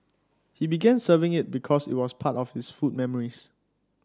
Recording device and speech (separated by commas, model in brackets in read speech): standing microphone (AKG C214), read sentence